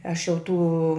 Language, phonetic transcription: Lithuanian, ˈaš jau ˈtų

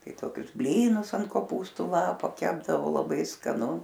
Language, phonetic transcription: Lithuanian, ˈtai ˈtokius ˈblynus ant koˈpūstu ˈlapo ˈkepdavo laˈbai skaˈnu

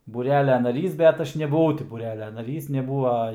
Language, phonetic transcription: Lithuanian, būˈrelia naˈrys bet ˈaš nebuˈvau ti būˈrelia naˈrys neˈbūa

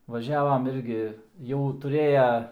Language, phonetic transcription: Lithuanian, vaˈžiavam ˈirgi jau tuˈrėja

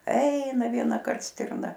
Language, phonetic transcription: Lithuanian, ˈeina vienaˈkart ˈstirna

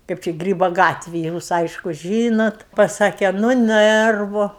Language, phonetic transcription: Lithuanian, ˈkaip čia ˈgrybo ˈgatvėj ˈjūs ˈaišku ˈžynot paˈsakė nu ˈnɜrvu

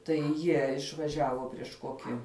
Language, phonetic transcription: Lithuanian, tai ˈjie išvaˈžiavo prieš ˈkoki

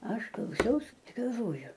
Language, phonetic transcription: Lithuanian, ˈaš klauˈsiaus i galˈvoju

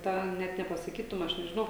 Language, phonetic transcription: Lithuanian, ˈtą ˈnet nepasaˈkytum ˈaš nežiˈnau

